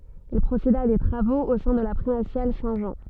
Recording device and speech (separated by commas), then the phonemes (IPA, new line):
soft in-ear microphone, read sentence
il pʁoseda a de tʁavoz o sɛ̃ də la pʁimasjal sɛ̃ ʒɑ̃